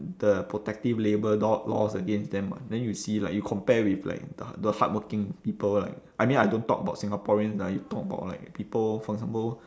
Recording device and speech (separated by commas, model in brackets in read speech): standing microphone, conversation in separate rooms